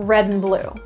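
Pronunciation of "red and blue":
In 'red and blue', 'and' is reduced to just an n sound.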